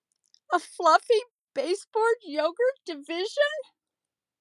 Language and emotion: English, sad